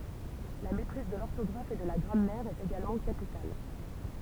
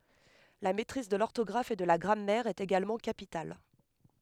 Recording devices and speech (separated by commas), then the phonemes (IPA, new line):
temple vibration pickup, headset microphone, read sentence
la mɛtʁiz də lɔʁtɔɡʁaf e də la ɡʁamɛʁ ɛt eɡalmɑ̃ kapital